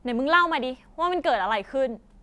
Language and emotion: Thai, angry